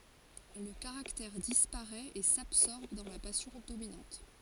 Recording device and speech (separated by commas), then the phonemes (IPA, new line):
forehead accelerometer, read sentence
lə kaʁaktɛʁ dispaʁɛt e sabsɔʁb dɑ̃ la pasjɔ̃ dominɑ̃t